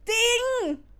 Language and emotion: Thai, happy